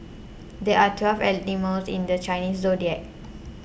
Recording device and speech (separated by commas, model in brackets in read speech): boundary microphone (BM630), read sentence